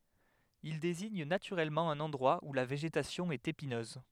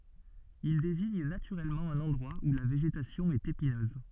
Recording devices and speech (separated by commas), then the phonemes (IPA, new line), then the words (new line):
headset microphone, soft in-ear microphone, read sentence
il deziɲ natyʁɛlmɑ̃ œ̃n ɑ̃dʁwa u la veʒetasjɔ̃ ɛt epinøz
Il désigne naturellement un endroit où la végétation est épineuse.